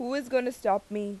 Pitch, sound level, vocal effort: 235 Hz, 88 dB SPL, loud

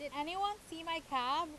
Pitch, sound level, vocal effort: 330 Hz, 96 dB SPL, very loud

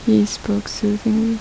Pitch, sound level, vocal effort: 215 Hz, 74 dB SPL, soft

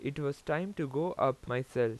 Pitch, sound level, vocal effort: 140 Hz, 87 dB SPL, normal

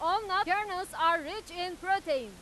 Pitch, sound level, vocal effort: 365 Hz, 104 dB SPL, very loud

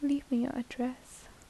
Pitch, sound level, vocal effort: 255 Hz, 72 dB SPL, soft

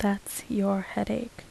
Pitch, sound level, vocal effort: 200 Hz, 73 dB SPL, soft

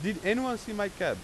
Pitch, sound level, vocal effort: 210 Hz, 94 dB SPL, very loud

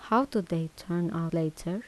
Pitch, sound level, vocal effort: 170 Hz, 79 dB SPL, soft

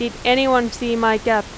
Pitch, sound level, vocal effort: 235 Hz, 91 dB SPL, very loud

